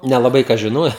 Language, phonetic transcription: Lithuanian, nelaˈbai ˈkas žiˈnoja

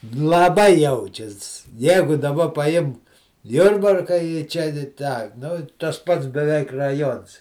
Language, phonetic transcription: Lithuanian, laˈbai ˈjaučias ˈjegu daˈba paˈjimk ˈjurbarka i ˈčia i ˈtą nu ˈtas ˈpats beˈveik raˈjons

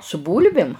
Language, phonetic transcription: Lithuanian, su ˈbūlbim

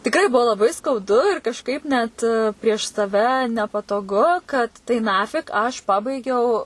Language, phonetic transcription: Lithuanian, tikˈrai ˈbuvo laˈbai skauˈdu ir kažˈkaip net prieš saˈve nepatoˈgu kad tai (ˈnafik) aš ˈpabaigiau

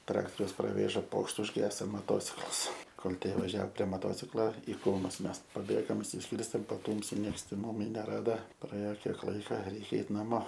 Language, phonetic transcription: Lithuanian, ˈtraktoriaus praˈvėža ˈpokšt užˈgeso moˈtociklas ˈkol ˈtie vaˈžiao prie moˈtociklo i ˈkrūmus ˈmes paˈbėgom išsisˈkyrstėm paˈtūmsi ˈnieks ten ˈmumi neˈrada praˈėo ˈkiek ˈlaika ˈreikia ˈeit naˈmo

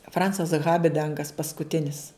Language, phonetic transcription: Lithuanian, ˈfrancas ˈhabidangas paskuˈtinis

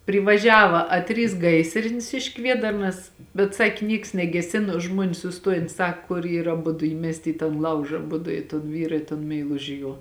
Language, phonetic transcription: Lithuanian, privaˈžiava a ˈtrys ˈgaisrinis iš ˈkviedarnas bet ˈsaki ˈnieks negeˈsino ˈžmuonės suˈstojen ˈsak kur ˈyra aˈbudu ˈįmesti į tan ˈlauža aˈbudu i ton ˈvyra i ton meiˈluži ˈjuo

